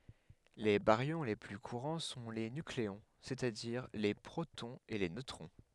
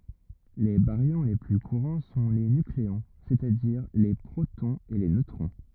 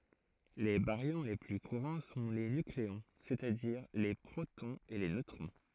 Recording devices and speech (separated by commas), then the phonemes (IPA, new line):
headset microphone, rigid in-ear microphone, throat microphone, read sentence
le baʁjɔ̃ le ply kuʁɑ̃ sɔ̃ le nykleɔ̃ sɛstadiʁ le pʁotɔ̃z e le nøtʁɔ̃